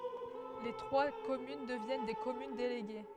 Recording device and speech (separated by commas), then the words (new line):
headset microphone, read sentence
Les trois communes deviennent des communes déléguées.